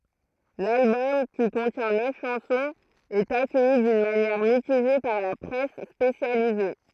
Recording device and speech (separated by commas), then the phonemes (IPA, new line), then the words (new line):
throat microphone, read sentence
lalbɔm ki kɔ̃tjɛ̃ nœf ʃɑ̃sɔ̃z ɛt akœji dyn manjɛʁ mitiʒe paʁ la pʁɛs spesjalize
L'album, qui contient neuf chansons, est accueilli d'une manière mitigée par la presse spécialisée.